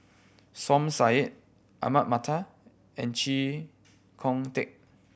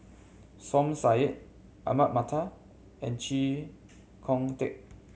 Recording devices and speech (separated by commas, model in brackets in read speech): boundary microphone (BM630), mobile phone (Samsung C7100), read sentence